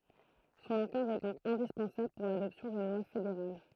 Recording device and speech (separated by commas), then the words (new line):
throat microphone, read sentence
Son accord est donc indispensable pour l'adoption d'une loi fédérale.